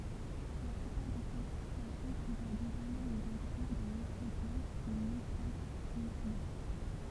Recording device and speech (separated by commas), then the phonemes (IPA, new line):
temple vibration pickup, read sentence
la plypaʁ de klasifikasjɔ̃ pʁefɛʁ dezɔʁmɛ lez ɛ̃klyʁ dɑ̃ lɛ̃fʁa klas de mətateʁja